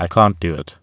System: TTS, waveform concatenation